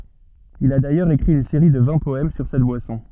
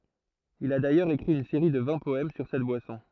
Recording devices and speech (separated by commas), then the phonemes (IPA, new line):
soft in-ear microphone, throat microphone, read sentence
il a dajœʁz ekʁi yn seʁi də vɛ̃ pɔɛm syʁ sɛt bwasɔ̃